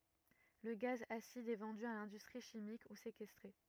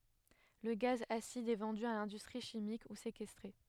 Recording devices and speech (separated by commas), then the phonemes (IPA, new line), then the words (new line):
rigid in-ear microphone, headset microphone, read sentence
lə ɡaz asid ɛ vɑ̃dy a lɛ̃dystʁi ʃimik u sekɛstʁe
Le gaz acide est vendu à l'industrie chimique ou séquestré.